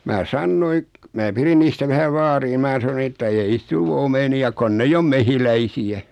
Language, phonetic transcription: Finnish, mää "sannoi , mää 'pirin niistä vähäv 'vaarii ni 'mää saⁿᵒ että ei 'niis tul 'omeni₍a 'kon'n ‿eijj ‿om 'mehiläisi₍ä .
- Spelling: minä sanoin minä pidin niistä vähän vaaria niin minä sanoin että ei niistä tule omenia kun ei ole mehiläisiä

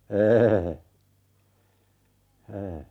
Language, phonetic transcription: Finnish, 'e₍ehe₍e , e .
- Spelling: en en

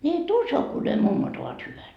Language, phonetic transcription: Finnish, ńi et "uso ku ne 'mummot ‿ovat 'hyvät .
- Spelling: niin et usko kun ne mummot ovat hyvät

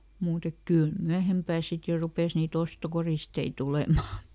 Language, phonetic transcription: Finnish, muut ‿ek "kỳl ˈmyähempää ˈsit jo ˈrupes nii"t ‿ostokoristei ˈtulemà .
- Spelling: mutta että kyllä myöhempää sitten jo rupesi niitä ostokoristeita tulemaan

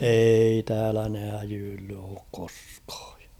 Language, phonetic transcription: Finnish, 'eei täälä ne häjyylly ook 'koskᴀᴀ .
- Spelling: ei täällä ne häijyillyt ole koskaan

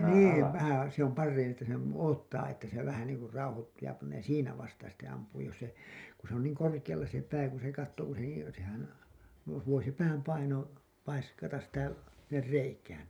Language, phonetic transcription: Finnish, 'niiv 'vähän̬ , se ‿om 'parrein ‿että sem§ , 'oottaa että se 'vähä niiŋ kur 'rauhottuu ja pannee "siinä vasta sitte ampuu jos se , ku se ‿on niiŋ korkiʲalla se pää kun̬ se kattoo ku se niin̬ , sehän , vo- , voi se 'pääm paino , paiskatas sitä , sinner 'reikään .
- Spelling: niin vähän se on parhain että sen odottaa että se vähän niin kuin rauhoittuu ja panee siinä vasta sitten ampuu jos se kun se on niin korkealla se pää kun se katsoo kun se niin sehän - voi se pään paino paiskata sitä sinne reikään

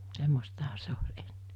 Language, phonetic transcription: Finnish, 'semmostaha 'se oĺ "’eɴɴe .
- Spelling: semmoistahan se oli ennen

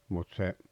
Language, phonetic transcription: Finnish, mut se .
- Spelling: mutta se

